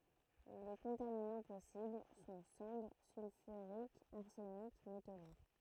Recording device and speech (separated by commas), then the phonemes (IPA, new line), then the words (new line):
throat microphone, read sentence
le kɔ̃taminɑ̃ pɔsibl sɔ̃ sɑ̃dʁ sylfyʁikz aʁsənik meto luʁ
Les contaminants possibles sont cendres sulfuriques, arsenic, métaux lourds.